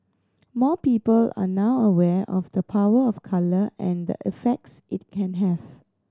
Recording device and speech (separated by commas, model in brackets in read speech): standing microphone (AKG C214), read sentence